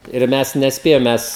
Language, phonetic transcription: Lithuanian, ir ˈmes nesˈpėjam ˈmes

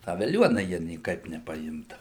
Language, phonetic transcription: Lithuanian, ˈtą veˈliuona ˈjie nieˈkaip nepaˈimdavu

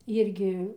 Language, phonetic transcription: Lithuanian, ˈirgi

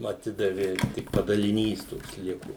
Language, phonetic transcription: Lithuanian, aˈtidavi tik padaliˈnys ˈtoks ˈliku

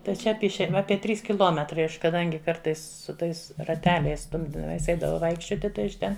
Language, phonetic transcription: Lithuanian, tai ˈčia ˈapie išein ˈapie ˈtrys kiˈlometrai ˈaš kaˈdangi ˈkartais su ˈtais raˈteliais ˈstumdydamies ˈeidavau ˈvaikščioti ˈtai aš ˈten

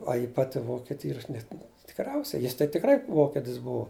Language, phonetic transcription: Lithuanian, ˈa ji ˈpati ˈvokiti ˈyra ˈaš net tikˈriausiai jis tai tikˈrai ˈvokitis ˈbuu

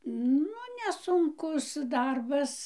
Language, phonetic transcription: Lithuanian, ˈnu nesunˈkus ˈdarbas

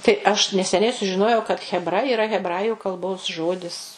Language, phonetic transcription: Lithuanian, tai ˈaš neseˈniai sužiˈnojau kad chebˈra iˈra hebˈraju kalˈbos ˈžodis

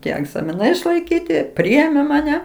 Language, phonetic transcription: Lithuanian, ˈtie egzamiˈnai išlaiˈkyti ˈpriėmė maˈne

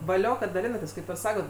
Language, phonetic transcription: Lithuanian, vaˈlio kad daˈlinatės ˈkaip ir ˈsakot

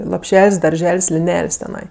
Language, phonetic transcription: Lithuanian, lopˈšel's' darˈžel's' liˈnel's' teˈnai

